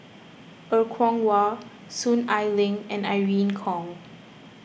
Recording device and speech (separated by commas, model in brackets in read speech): boundary microphone (BM630), read sentence